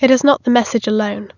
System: none